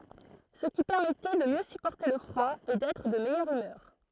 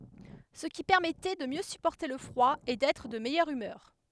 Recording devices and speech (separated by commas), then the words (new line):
throat microphone, headset microphone, read sentence
Ce qui permettait de mieux supporter le froid et d'être de meilleure humeur.